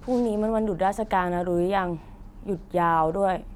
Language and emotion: Thai, frustrated